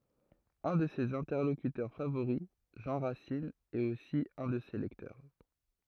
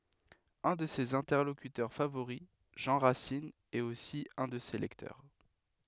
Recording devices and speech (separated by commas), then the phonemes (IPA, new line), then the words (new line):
throat microphone, headset microphone, read sentence
œ̃ də sez ɛ̃tɛʁlokytœʁ favoʁi ʒɑ̃ ʁasin ɛt osi œ̃ də se lɛktœʁ
Un de ses interlocuteurs favoris Jean Racine est aussi un de ses lecteurs.